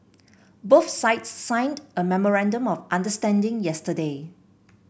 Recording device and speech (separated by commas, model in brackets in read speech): boundary microphone (BM630), read sentence